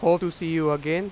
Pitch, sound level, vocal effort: 170 Hz, 94 dB SPL, loud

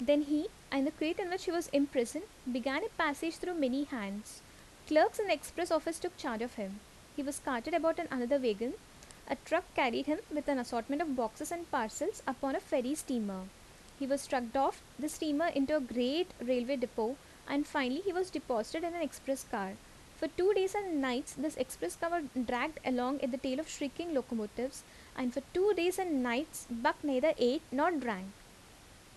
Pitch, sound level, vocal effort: 285 Hz, 81 dB SPL, normal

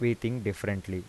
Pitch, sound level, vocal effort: 105 Hz, 83 dB SPL, normal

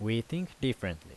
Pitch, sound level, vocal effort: 115 Hz, 83 dB SPL, normal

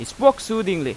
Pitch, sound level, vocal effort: 220 Hz, 93 dB SPL, very loud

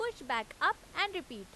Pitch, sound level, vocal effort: 340 Hz, 93 dB SPL, very loud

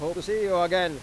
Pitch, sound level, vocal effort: 180 Hz, 101 dB SPL, loud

